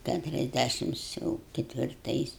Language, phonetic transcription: Lithuanian, ˌkæturiasˈdæšims ˈjau ketvirˈtais

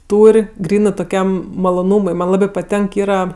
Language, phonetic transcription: Lithuanian, ˈtūr' ˈgrynɜ toˈkiam maloˈnūmui ˈman' ˈlabi paˈtenk ˈyra

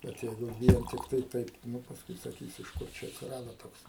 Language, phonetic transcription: Lithuanian, ˈbet ˈjeigu ˈvien tikˈtai ˈtaip ˈnu pasˈkui saˈkys iš ˈkur ˈčia atsiˈrado ˈtoks

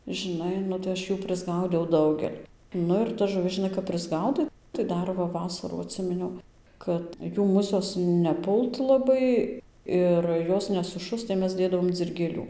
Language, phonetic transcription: Lithuanian, žiˈnai ˈnu tai ašˈjų prisˈgaudiau ˈdaugel' ˈnu ir tas žuˈvis žiˈnai kap prisˈgaudai tai ˈdar va ˈvasarą atˈsiminiau ˈkad ˈjų ˈmusios neˈpult laˈbai ˈir ˈjos nesuˈšust tai ˈmes ˈdėdavom dzirgėˈlių

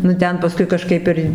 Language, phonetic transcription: Lithuanian, nu ˈten paˈskui kaˈžkaip ir

